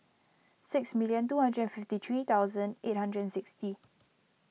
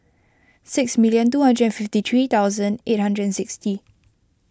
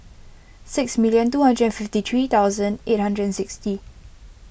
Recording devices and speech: mobile phone (iPhone 6), close-talking microphone (WH20), boundary microphone (BM630), read sentence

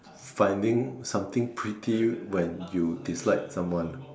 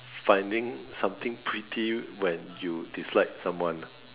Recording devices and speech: standing microphone, telephone, conversation in separate rooms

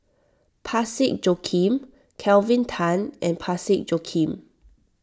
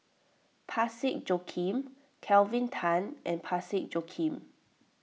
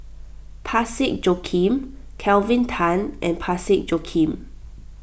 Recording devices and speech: standing microphone (AKG C214), mobile phone (iPhone 6), boundary microphone (BM630), read sentence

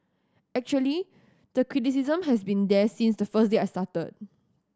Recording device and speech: standing microphone (AKG C214), read sentence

